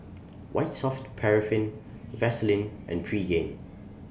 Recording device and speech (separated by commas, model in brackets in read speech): boundary microphone (BM630), read sentence